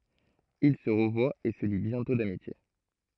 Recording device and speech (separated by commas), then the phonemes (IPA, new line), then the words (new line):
throat microphone, read sentence
il sə ʁəvwat e sə li bjɛ̃tɔ̃ damitje
Ils se revoient et se lient bientôt d'amitié.